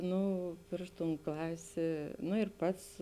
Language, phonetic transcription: Lithuanian, ˈnu ˈpriš ˌtūn ˈklasė nu ir ˈpats

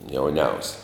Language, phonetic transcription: Lithuanian, jauˈniausia

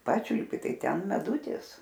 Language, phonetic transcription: Lithuanian, ˈpačiulpi ˈtai ˈten meˈdutis

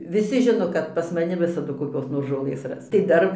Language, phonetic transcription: Lithuanian, viˈsi ˈžino kad pas maˈni ˈvisadu koˈkios nor žoˈlɘs ˈras tai ˈdar

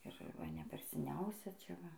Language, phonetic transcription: Lithuanian, ir ˈva ne ˈper seˈniausia čia ˈva

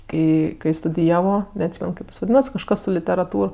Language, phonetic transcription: Lithuanian, ˈkai kai studiˈjavo neatˈsymen ˈkaip is vaˈdynas kažˈkas su literaˈtūr

